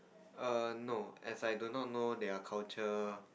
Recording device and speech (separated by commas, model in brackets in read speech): boundary microphone, conversation in the same room